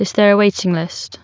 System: none